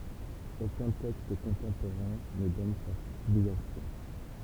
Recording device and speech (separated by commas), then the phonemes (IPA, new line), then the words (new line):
temple vibration pickup, read sentence
okœ̃ tɛkst kɔ̃tɑ̃poʁɛ̃ nə dɔn sa filjasjɔ̃
Aucun texte contemporain ne donne sa filiation.